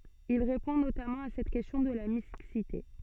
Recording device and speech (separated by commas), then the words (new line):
soft in-ear microphone, read sentence
Il répond notamment à cette question de la mixité.